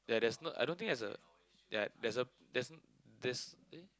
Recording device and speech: close-talking microphone, conversation in the same room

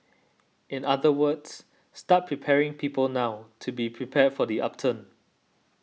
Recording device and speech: mobile phone (iPhone 6), read sentence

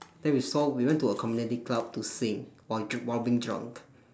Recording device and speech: standing microphone, conversation in separate rooms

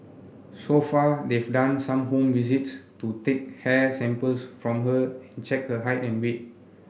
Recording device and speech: boundary microphone (BM630), read sentence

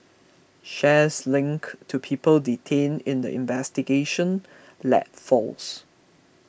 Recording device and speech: boundary microphone (BM630), read sentence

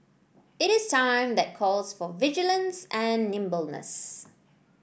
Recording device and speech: boundary microphone (BM630), read sentence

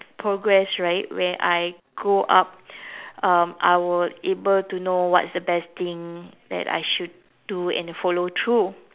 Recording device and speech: telephone, conversation in separate rooms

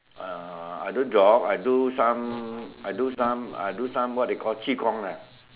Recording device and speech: telephone, conversation in separate rooms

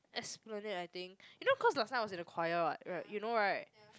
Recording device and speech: close-talking microphone, conversation in the same room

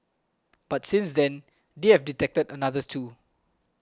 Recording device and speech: close-talking microphone (WH20), read sentence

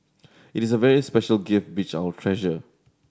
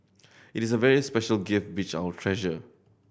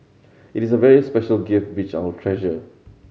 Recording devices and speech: standing microphone (AKG C214), boundary microphone (BM630), mobile phone (Samsung C7100), read sentence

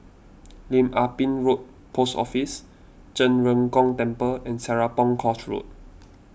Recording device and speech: boundary microphone (BM630), read sentence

